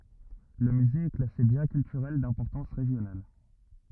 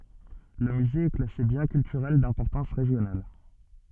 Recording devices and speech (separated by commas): rigid in-ear microphone, soft in-ear microphone, read sentence